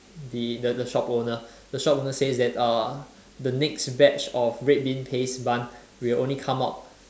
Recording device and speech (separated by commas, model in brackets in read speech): standing microphone, conversation in separate rooms